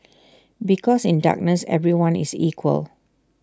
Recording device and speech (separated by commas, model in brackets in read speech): standing microphone (AKG C214), read sentence